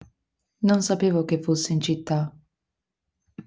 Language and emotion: Italian, neutral